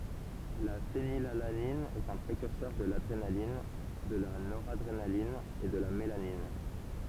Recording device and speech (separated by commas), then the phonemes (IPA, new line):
temple vibration pickup, read sentence
la fenilalanin ɛt œ̃ pʁekyʁsœʁ də ladʁenalin də la noʁadʁenalin e də la melanin